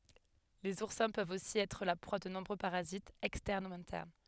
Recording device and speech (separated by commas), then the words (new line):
headset microphone, read sentence
Les oursins peuvent aussi être la proie de nombreux parasites, externes ou internes.